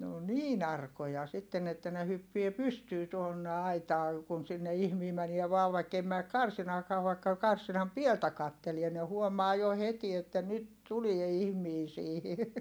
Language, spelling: Finnish, ne on niin arkoja sitten että ne hyppii pystyyn tuonne aitaan kun sinne ihminen menee vain vaikka ei mene karsinaakaan vaikka karsinan pieltä katselee ne huomaa jo heti että nyt tulee ihminen siihen
- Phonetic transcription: ne o niin ‿arkoja sitten ‿että ne hyppie pystyy tuonne aitaa , kun sinne ihmii mänie vaav vaikkei määk karsinaakaa vaikka , karsinam pieltä kattelie ne huomaa jo heti että nyt tulie ihmii siihi .

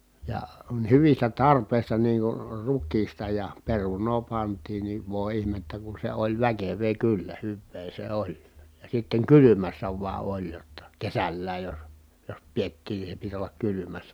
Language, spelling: Finnish, ja hyvistä tarpeista niin kuin rukiista ja perunaa pantiin niin voi ihmettä kun se oli väkevää kyllä hyvää se oli ja sitten kylmässä vain oli jotta kesälläkin jos jos pidettiin niin se piti olla kylmässä
- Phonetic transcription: ja , hyvistä tarpèi̮sta niiŋ kur ruk̆kiista ja peruǹoo pant̀iin ni vòi̮ ihmettä ku se oĺ väkev̀ee kyllä hyvvee se oĺ , ja sitteŋ kylymässä vua oĺ jotta , kesällääj jos , jos piettiin ni se pit ‿ollak kylymässä .

